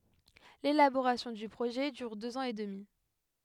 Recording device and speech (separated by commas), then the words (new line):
headset microphone, read sentence
L’élaboration du projet dure deux ans et demi.